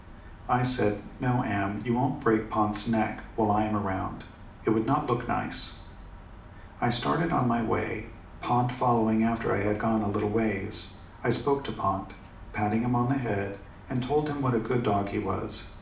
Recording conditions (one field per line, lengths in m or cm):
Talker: one person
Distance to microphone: 2.0 m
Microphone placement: close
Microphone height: 99 cm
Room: medium-sized (5.7 m by 4.0 m)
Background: none